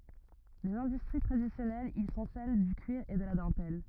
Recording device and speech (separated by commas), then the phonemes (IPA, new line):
rigid in-ear microphone, read sentence
lez ɛ̃dystʁi tʁadisjɔnɛlz i sɔ̃ sɛl dy kyiʁ e də la dɑ̃tɛl